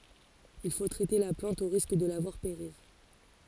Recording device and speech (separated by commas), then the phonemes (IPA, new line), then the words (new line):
forehead accelerometer, read sentence
il fo tʁɛte la plɑ̃t o ʁisk də la vwaʁ peʁiʁ
Il faut traiter la plante au risque de la voir périr.